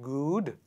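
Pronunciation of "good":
'good' is pronounced incorrectly here.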